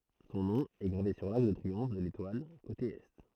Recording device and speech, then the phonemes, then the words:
throat microphone, read sentence
sɔ̃ nɔ̃ ɛ ɡʁave syʁ laʁk də tʁiɔ̃f də letwal kote ɛ
Son nom est gravé sur l'arc de triomphe de l'Étoile, côté Est.

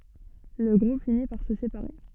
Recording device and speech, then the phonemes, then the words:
soft in-ear microphone, read sentence
lə ɡʁup fini paʁ sə sepaʁe
Le groupe finit par se séparer.

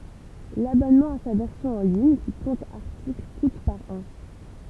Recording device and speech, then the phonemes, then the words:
temple vibration pickup, read sentence
labɔnmɑ̃ a sa vɛʁsjɔ̃ ɑ̃ liɲ ki kɔ̃t aʁtikl kut paʁ ɑ̃
L'abonnement à sa version en ligne, qui compte articles, coûte par an.

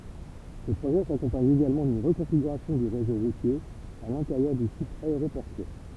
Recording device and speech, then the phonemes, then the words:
temple vibration pickup, read sentence
sə pʁoʒɛ sakɔ̃paɲ eɡalmɑ̃ dyn ʁəkɔ̃fiɡyʁasjɔ̃ dy ʁezo ʁutje a lɛ̃teʁjœʁ dy sit aeʁopɔʁtyɛʁ
Ce projet s'accompagne également d'une reconfiguration du réseau routier à l'intérieur du site aéroportuaire.

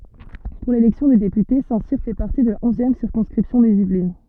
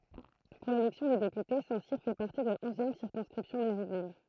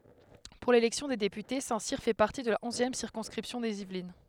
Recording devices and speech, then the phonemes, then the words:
soft in-ear microphone, throat microphone, headset microphone, read sentence
puʁ lelɛksjɔ̃ de depyte sɛ̃tsiʁ fɛ paʁti də la ɔ̃zjɛm siʁkɔ̃skʁipsjɔ̃ dez ivlin
Pour l'élection des députés, Saint-Cyr fait partie de la onzième circonscription des Yvelines.

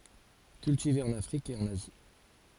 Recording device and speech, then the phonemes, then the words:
forehead accelerometer, read sentence
kyltive ɑ̃n afʁik e ɑ̃n azi
Cultivé en Afrique et en Asie.

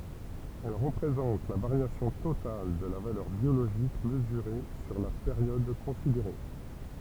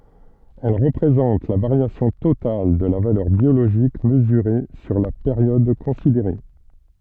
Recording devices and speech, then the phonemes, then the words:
temple vibration pickup, soft in-ear microphone, read sentence
ɛl ʁəpʁezɑ̃t la vaʁjasjɔ̃ total də la valœʁ bjoloʒik məzyʁe syʁ la peʁjɔd kɔ̃sideʁe
Elle représente la variation totale de la valeur biologique mesurée sur la période considérée.

